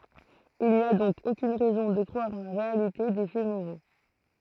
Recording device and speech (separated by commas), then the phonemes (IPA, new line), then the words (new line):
throat microphone, read sentence
il ni a dɔ̃k okyn ʁɛzɔ̃ də kʁwaʁ ɑ̃ la ʁealite de fɛ moʁo
Il n'y a donc aucune raison de croire en la réalité des faits moraux.